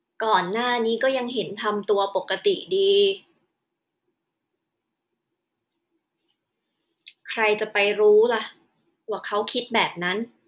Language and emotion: Thai, frustrated